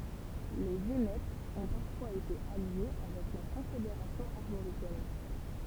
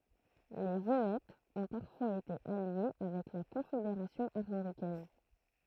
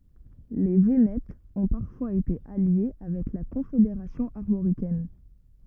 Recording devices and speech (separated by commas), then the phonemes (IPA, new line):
temple vibration pickup, throat microphone, rigid in-ear microphone, read sentence
le venɛtz ɔ̃ paʁfwaz ete alje avɛk la kɔ̃fedeʁasjɔ̃ aʁmoʁikɛn